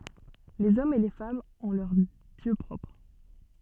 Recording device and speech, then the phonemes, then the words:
soft in-ear microphone, read sentence
lez ɔmz e le famz ɔ̃ lœʁ djø pʁɔpʁ
Les hommes et les femmes ont leurs dieux propres.

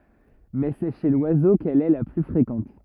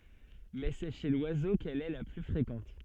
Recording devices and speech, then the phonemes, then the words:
rigid in-ear microphone, soft in-ear microphone, read sentence
mɛ sɛ ʃe lwazo kɛl ɛ la ply fʁekɑ̃t
Mais c'est chez l'oiseau qu'elle est la plus fréquente.

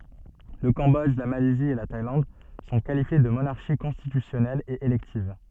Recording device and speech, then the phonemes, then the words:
soft in-ear microphone, read sentence
lə kɑ̃bɔdʒ la malɛzi e la tajlɑ̃d sɔ̃ kalifje də monaʁʃi kɔ̃stitysjɔnɛlz e elɛktiv
Le Cambodge, la Malaisie et la Thaïlande sont qualifiées de monarchies constitutionnelles et électives.

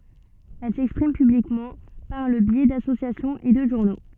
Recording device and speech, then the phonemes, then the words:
soft in-ear microphone, read sentence
ɛl sɛkspʁim pyblikmɑ̃ paʁ lə bjɛ dasosjasjɔ̃z e də ʒuʁno
Elles s'expriment publiquement par le biais d’associations et de journaux.

